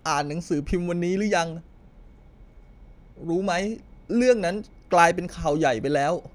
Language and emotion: Thai, sad